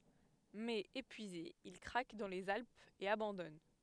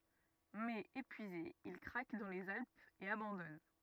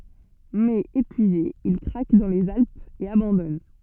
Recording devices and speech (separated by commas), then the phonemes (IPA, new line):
headset microphone, rigid in-ear microphone, soft in-ear microphone, read sentence
mɛz epyize il kʁak dɑ̃ lez alpz e abɑ̃dɔn